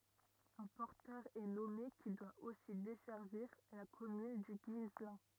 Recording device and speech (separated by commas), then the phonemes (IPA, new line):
rigid in-ear microphone, read sentence
œ̃ pɔʁtœʁ ɛ nɔme ki dwa osi dɛsɛʁviʁ la kɔmyn dy ɡislɛ̃